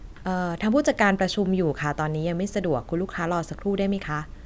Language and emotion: Thai, neutral